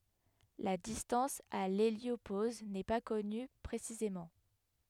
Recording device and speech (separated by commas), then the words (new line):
headset microphone, read sentence
La distance à l'héliopause n'est pas connue précisément.